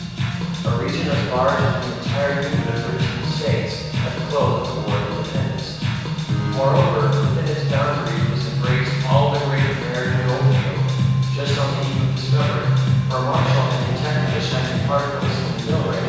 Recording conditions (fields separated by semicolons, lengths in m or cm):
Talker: one person; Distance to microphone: 7.1 m; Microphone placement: far; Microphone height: 1.7 m; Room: very reverberant, large; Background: music